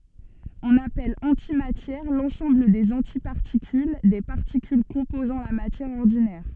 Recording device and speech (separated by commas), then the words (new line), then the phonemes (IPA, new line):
soft in-ear microphone, read sentence
On appelle antimatière l'ensemble des antiparticules des particules composant la matière ordinaire.
ɔ̃n apɛl ɑ̃timatjɛʁ lɑ̃sɑ̃bl dez ɑ̃tipaʁtikyl de paʁtikyl kɔ̃pozɑ̃ la matjɛʁ ɔʁdinɛʁ